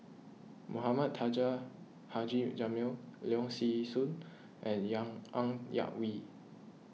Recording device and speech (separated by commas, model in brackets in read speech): mobile phone (iPhone 6), read sentence